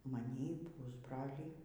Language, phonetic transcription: Lithuanian, maˈnį ˈpusbralį

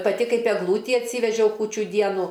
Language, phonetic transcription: Lithuanian, paˈti ˈkaip egˈlūtį atˈsyvežiau ˈkūčiu ˈdienu

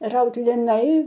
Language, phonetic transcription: Lithuanian, ˈraut liˈnai

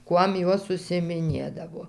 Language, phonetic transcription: Lithuanian, ˈkuom ˈjos užsiimiˈnėdavo

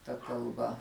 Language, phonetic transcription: Lithuanian, ta kalˈba

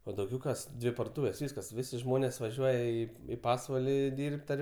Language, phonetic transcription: Lithuanian, o dauˈgiau ˈkas ˈdvi pardoˈtūvės ˈvyskas ˈvisi ˈžmonės vaˈžiuoja ˈį i ˈpasvaliˈdyrb't' ar

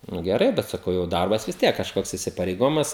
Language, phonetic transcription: Lithuanian, ˈnu geˈrai bet saˈkau jau ˈdarbas vis ˈtiek kažˈkoks isipareiˈgojimas

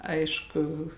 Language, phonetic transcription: Lithuanian, ˈaišku

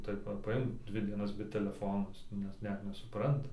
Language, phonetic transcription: Lithuanian, ˈtaip va paˈimk ˈdvi dieˈnas be teleˈfono ˈjis net ˈnet nesuˈpranta

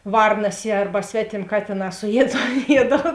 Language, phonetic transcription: Lithuanian, ˈvarnas jie ˈarba ˈsvetėm' ˈkatėˌnā suˈjied ton ˈjiedal

